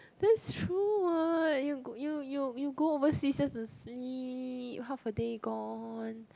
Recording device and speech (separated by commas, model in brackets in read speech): close-talking microphone, conversation in the same room